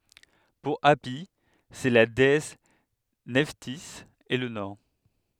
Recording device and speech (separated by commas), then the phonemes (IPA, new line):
headset microphone, read sentence
puʁ api sɛ la deɛs nɛftiz e lə nɔʁ